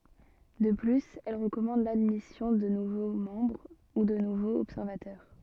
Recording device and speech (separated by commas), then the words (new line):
soft in-ear microphone, read sentence
De plus, elle recommande l'admission de nouveaux membres, ou de nouveaux observateurs.